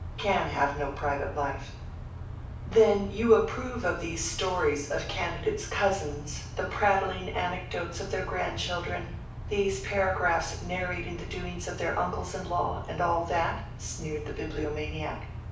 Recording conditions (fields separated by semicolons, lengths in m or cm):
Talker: one person; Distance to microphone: 5.8 m; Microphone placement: far; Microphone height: 1.8 m; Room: medium-sized (5.7 m by 4.0 m); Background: none